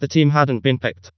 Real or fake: fake